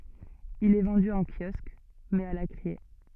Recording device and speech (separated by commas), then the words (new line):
soft in-ear microphone, read sentence
Il est vendu en kiosque, mais à la criée.